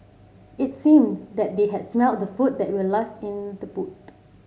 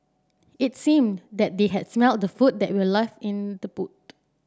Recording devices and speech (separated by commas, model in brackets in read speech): mobile phone (Samsung C7), standing microphone (AKG C214), read sentence